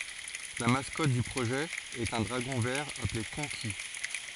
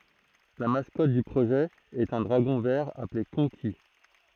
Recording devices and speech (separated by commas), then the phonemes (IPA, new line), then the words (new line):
forehead accelerometer, throat microphone, read sentence
la maskɔt dy pʁoʒɛ ɛt œ̃ dʁaɡɔ̃ vɛʁ aple kɔ̃ki
La mascotte du projet est un dragon vert appelé Konqi.